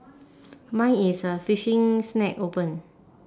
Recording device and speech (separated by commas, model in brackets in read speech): standing microphone, conversation in separate rooms